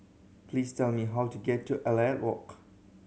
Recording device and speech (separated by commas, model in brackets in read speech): mobile phone (Samsung C7100), read sentence